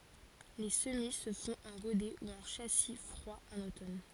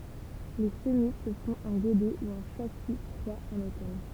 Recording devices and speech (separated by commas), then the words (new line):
forehead accelerometer, temple vibration pickup, read sentence
Les semis se font en godet ou en châssis froid en automne.